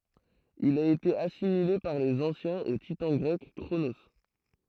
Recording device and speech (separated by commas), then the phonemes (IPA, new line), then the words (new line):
throat microphone, read sentence
il a ete asimile paʁ lez ɑ̃sjɛ̃z o titɑ̃ ɡʁɛk kʁono
Il a été assimilé par les anciens au titan grec Cronos.